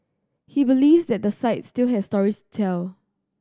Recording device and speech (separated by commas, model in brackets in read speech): standing microphone (AKG C214), read sentence